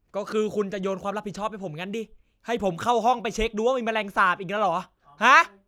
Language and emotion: Thai, angry